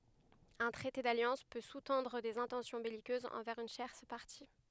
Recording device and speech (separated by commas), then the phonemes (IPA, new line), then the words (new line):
headset microphone, read sentence
œ̃ tʁɛte daljɑ̃s pø su tɑ̃dʁ dez ɛ̃tɑ̃sjɔ̃ bɛlikøzz ɑ̃vɛʁz yn tjɛʁs paʁti
Un traité d'alliance peut sous-tendre des intentions belliqueuses envers une tierce partie.